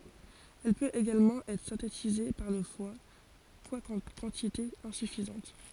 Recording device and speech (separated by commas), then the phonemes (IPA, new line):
forehead accelerometer, read sentence
ɛl pøt eɡalmɑ̃ ɛtʁ sɛ̃tetize paʁ lə fwa kwakɑ̃ kɑ̃titez ɛ̃syfizɑ̃t